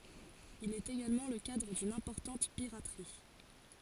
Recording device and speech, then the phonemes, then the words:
forehead accelerometer, read sentence
il ɛt eɡalmɑ̃ lə kadʁ dyn ɛ̃pɔʁtɑ̃t piʁatʁi
Il est également le cadre d'une importante piraterie.

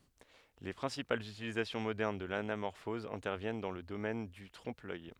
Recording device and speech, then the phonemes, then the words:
headset microphone, read sentence
le pʁɛ̃sipalz ytilizasjɔ̃ modɛʁn də lanamɔʁfɔz ɛ̃tɛʁvjɛn dɑ̃ lə domɛn dy tʁɔ̃pəlœj
Les principales utilisations modernes de l'anamorphose interviennent dans le domaine du trompe-l'œil.

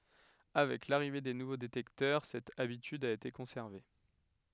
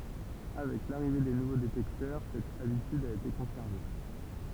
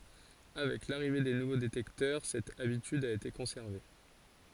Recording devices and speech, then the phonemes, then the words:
headset microphone, temple vibration pickup, forehead accelerometer, read sentence
avɛk laʁive de nuvo detɛktœʁ sɛt abityd a ete kɔ̃sɛʁve
Avec l'arrivée des nouveaux détecteurs, cette habitude a été conservée.

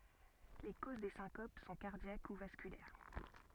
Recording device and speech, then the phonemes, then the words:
soft in-ear microphone, read sentence
le koz de sɛ̃kop sɔ̃ kaʁdjak u vaskylɛʁ
Les causes des syncopes sont cardiaques ou vasculaires.

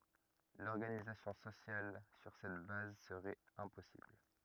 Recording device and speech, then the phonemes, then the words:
rigid in-ear microphone, read sentence
lɔʁɡanizasjɔ̃ sosjal syʁ sɛt baz səʁɛt ɛ̃pɔsibl
L'organisation sociale sur cette base serait impossible.

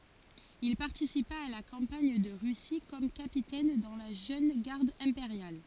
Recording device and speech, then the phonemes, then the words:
forehead accelerometer, read sentence
il paʁtisipa a la kɑ̃paɲ də ʁysi kɔm kapitɛn dɑ̃ la ʒøn ɡaʁd ɛ̃peʁjal
Il participa à la campagne de Russie comme capitaine dans la jeune garde impériale.

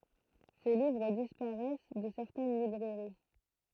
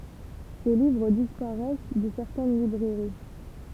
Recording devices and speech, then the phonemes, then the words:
throat microphone, temple vibration pickup, read sentence
se livʁ dispaʁɛs də sɛʁtɛn libʁɛʁi
Ses livres disparaissent de certaines librairies.

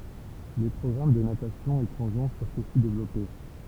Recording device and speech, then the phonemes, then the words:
temple vibration pickup, read sentence
le pʁɔɡʁam də natasjɔ̃ e plɔ̃ʒɔ̃ fyʁt osi devlɔpe
Les programmes de natation et plongeon furent aussi développés.

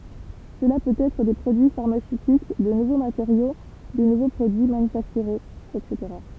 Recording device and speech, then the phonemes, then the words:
temple vibration pickup, read sentence
səla pøt ɛtʁ de pʁodyi faʁmasøtik də nuvo mateʁjo də nuvo pʁodyi manyfaktyʁez ɛtseteʁa
Cela peut être des produits pharmaceutiques, de nouveaux matériaux, de nouveaux produits manufacturés etc.

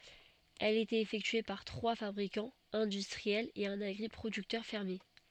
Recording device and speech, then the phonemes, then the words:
soft in-ear microphone, read sentence
ɛl etɛt efɛktye paʁ tʁwa fabʁikɑ̃z ɛ̃dystʁiɛlz e œ̃n aɡʁipʁodyktœʁ fɛʁmje
Elle était effectuée par trois fabricants industriels et un agri-producteur fermier.

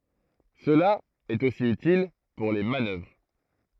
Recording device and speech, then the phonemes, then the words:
throat microphone, read sentence
səla ɛt osi ytil puʁ le manœvʁ
Cela est aussi utile pour les manœuvres.

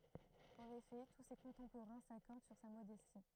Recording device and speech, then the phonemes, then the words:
throat microphone, read sentence
ɑ̃n efɛ tu se kɔ̃tɑ̃poʁɛ̃ sakɔʁd syʁ sa modɛsti
En effet, tous ses contemporains s'accordent sur sa modestie.

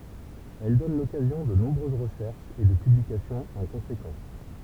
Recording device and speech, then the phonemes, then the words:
temple vibration pickup, read sentence
ɛl dɔn lɔkazjɔ̃ də nɔ̃bʁøz ʁəʃɛʁʃz e də pyblikasjɔ̃z ɑ̃ kɔ̃sekɑ̃s
Elles donnent l'occasion de nombreuses recherches et de publications en conséquence.

